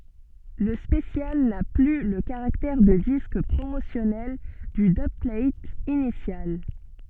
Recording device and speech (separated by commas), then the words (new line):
soft in-ear microphone, read sentence
Le special n'a plus le caractère de disque promotionnel du dubplate initial.